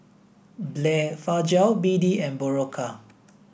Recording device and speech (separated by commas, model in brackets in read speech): boundary microphone (BM630), read sentence